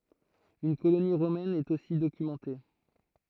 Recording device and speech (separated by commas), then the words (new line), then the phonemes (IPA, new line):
throat microphone, read sentence
Une colonie romaine est aussi documentée.
yn koloni ʁomɛn ɛt osi dokymɑ̃te